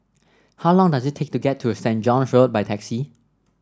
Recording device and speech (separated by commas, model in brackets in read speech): standing microphone (AKG C214), read sentence